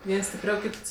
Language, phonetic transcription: Lithuanian, ˈviens stipˈriau ˈkyts

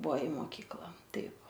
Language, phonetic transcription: Lithuanian, ˈbuvo i moˈkykla ˈtaip

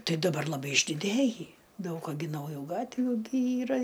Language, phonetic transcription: Lithuanian, ˈtai daˈbar laˈbai išdiˈdėjį ˈdaug a gi nauˈjų ˈgatvių gi ˈyra

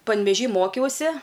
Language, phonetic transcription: Lithuanian, panveˈžy ˈmokiausi

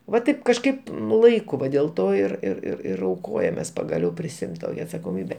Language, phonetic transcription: Lithuanian, va ˈtaip kažˈkaip nu ˈlaiku ˈva dėl ˈto ir ir ir ir auˈkojamės pagaˈliau prisiˈimt ˈtokia atsakoˈmybe

